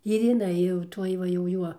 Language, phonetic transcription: Lithuanian, ir jiˈnai jau ˈtuoj ˈva jau ˈjuo

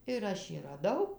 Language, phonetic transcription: Lithuanian, ir ˈaš jį raˈdau

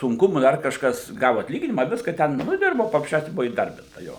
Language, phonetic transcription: Lithuanian, sunˈkumu ˈdar kažˈkas ˈgavu atˈlyginima ˈviska ˈten nu i ˈdirbo paprasˈčiausia ˈbuvu įˈdarbinta ˈjo

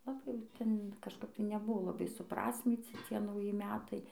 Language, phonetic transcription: Lithuanian, laˈbai jau ˈten kažˈkap tai neˈbuvo laˈbai suˈprasmyci ˈcie nauˈji ˈmetai

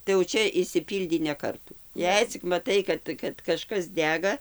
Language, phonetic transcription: Lithuanian, tai jau ˈčia išsiˈpyldį ne ˈkartų ˈjei cik maˈtai kad kad kaˈžkas ˈdega

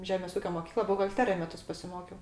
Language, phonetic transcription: Lithuanian, ˈžemės ˈūkio moˈkykla buhalˈterija ˈmetus pasiˈmokiau

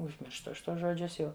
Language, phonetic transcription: Lithuanian, užˈmirštu ˈaš ˈtuos žoˈdžius ˈjau

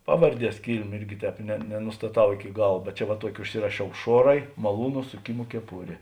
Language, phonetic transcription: Lithuanian, ˈpavarˈdies ˈkylmė irgi ˈtēp ne nenustaˈtau iki ˈgal bet ˈčia va ˈtuoki užˈsirašiau ˈšuorai maˈlūnu suˈkimo keˈpurė

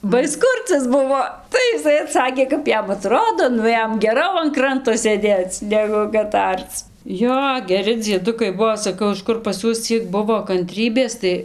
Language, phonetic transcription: Lithuanian, ba ˈis ˈkurcias ˈbuvo ˈtai iˈsai aˈtsakė kap ˈjam aˈtrodo ˈnu ˈjam geˈrau an ˈkranto sėˈdėc ˈnegu kad ˈarc ˈjo geˈri dzieˈdukai ˈbuo saˈkau iš ˈkur pas ˈjuos ˈciek ˈbuvo kanˈtrybės tai

